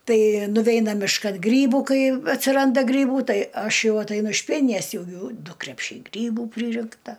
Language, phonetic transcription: Lithuanian, ˈtai nuˈveina mišˈkan ˈgrybu ˈkai atsiˈranda ˈgrybų ˈtai ˈaš ˈjau ataiˈnu iš ˈpienines ˈjau ˈjų ˈdu krepˈšiai ˈgrybų ˈpryrinkta

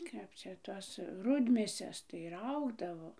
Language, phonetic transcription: Lithuanian, ˈkap čia ˈtos ˈrudmėses tai ˈraugdavo

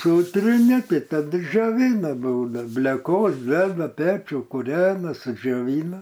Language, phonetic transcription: Lithuanian, ˈsūtrini ˈtai taˈdu džioˈvyna ˈbūda bleˈkos ˈdeda ˈpečiu kuˈrena sudžioˈvyna

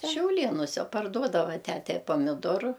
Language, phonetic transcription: Lithuanian, šiauˈlėnuse parˈduodava ˈtæte i pamiˈdoru

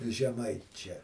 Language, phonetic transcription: Lithuanian, žeˈmaičia

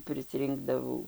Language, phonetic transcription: Lithuanian, prisˈrinkdavau

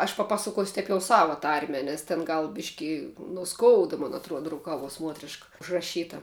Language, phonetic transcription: Lithuanian, aš paˈpasakuosiu ˈteip jau ˈsava ˈtarme ˈnes ten ˈgal ˈbiški no ˈskouda mon aˈtruoda ruˈkavuos ˈmuotriška užraˈšyta

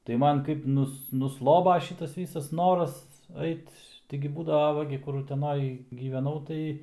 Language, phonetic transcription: Lithuanian, tai ˈman kaip ˈnus nuˈsloba ˈšytas ˈvysas ˈnoras ˈait taigi ˈbūdava ˈva gi ˈkur uteˈnoj gyveˈnau tai

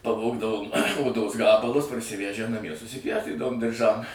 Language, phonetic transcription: Lithuanian, paˈvogdavom oˈdos ˈgabalus parsiˈvæžę naˈmie susiˈpjaustydavom dirˈžam

